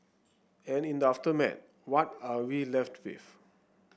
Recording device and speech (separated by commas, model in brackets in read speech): boundary microphone (BM630), read sentence